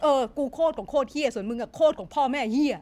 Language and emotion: Thai, angry